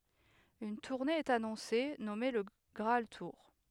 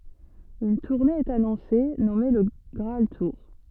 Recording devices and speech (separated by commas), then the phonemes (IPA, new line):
headset microphone, soft in-ear microphone, read sentence
yn tuʁne ɛt anɔ̃se nɔme lə ɡʁaal tuʁ